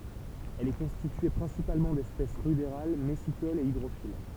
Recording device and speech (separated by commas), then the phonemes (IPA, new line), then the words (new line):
temple vibration pickup, read sentence
ɛl ɛ kɔ̃stitye pʁɛ̃sipalmɑ̃ dɛspɛs ʁydeʁal mɛsikolz e idʁofil
Elle est constituée principalement d’espèces rudérales, messicoles et hydrophiles.